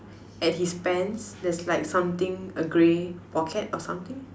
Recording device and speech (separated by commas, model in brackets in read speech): standing microphone, conversation in separate rooms